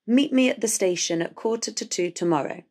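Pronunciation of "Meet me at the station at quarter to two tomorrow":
Both instances of 'at' are weak and sound like 'ut', and 'to' in 'quarter to two' is reduced to a weak 't' with a schwa. 'Station' has a schwa in its second syllable, and 'tomorrow' has one in its first syllable.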